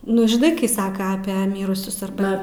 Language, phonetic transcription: Lithuanian, ˈnu žiˈnai kai ˈsaka ˈapie ˈmyrusius arˈba

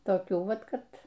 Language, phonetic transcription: Lithuanian, toˈkių ˈvat ˈkad

